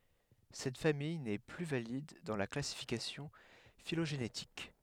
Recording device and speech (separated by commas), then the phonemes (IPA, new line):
headset microphone, read sentence
sɛt famij nɛ ply valid dɑ̃ la klasifikasjɔ̃ filoʒenetik